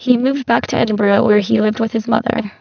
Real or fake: fake